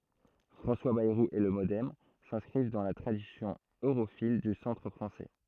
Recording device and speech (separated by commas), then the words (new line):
throat microphone, read sentence
François Bayrou et le MoDem s'inscrivent dans la tradition europhile du centre français.